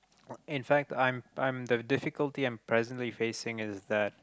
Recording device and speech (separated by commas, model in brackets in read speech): close-talking microphone, conversation in the same room